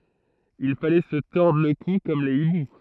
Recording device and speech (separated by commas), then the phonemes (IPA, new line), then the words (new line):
throat microphone, read sentence
il falɛ sə tɔʁdʁ lə ku kɔm le ibu
Il fallait se tordre le cou comme les hiboux.